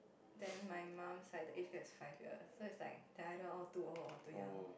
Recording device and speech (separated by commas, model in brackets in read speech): boundary microphone, conversation in the same room